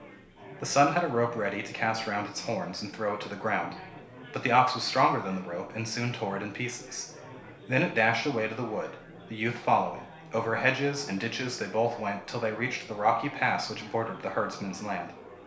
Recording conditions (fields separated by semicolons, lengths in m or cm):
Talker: one person; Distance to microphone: 1.0 m; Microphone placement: close; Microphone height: 1.1 m; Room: small (3.7 m by 2.7 m); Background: babble